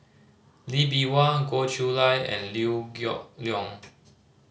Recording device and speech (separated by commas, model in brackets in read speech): mobile phone (Samsung C5010), read sentence